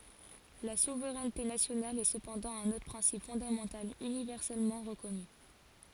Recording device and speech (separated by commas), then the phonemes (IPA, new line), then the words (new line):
forehead accelerometer, read sentence
la suvʁɛnte nasjonal ɛ səpɑ̃dɑ̃ œ̃n otʁ pʁɛ̃sip fɔ̃damɑ̃tal ynivɛʁsɛlmɑ̃ ʁəkɔny
La souveraineté nationale est cependant un autre principe fondamental universellement reconnu.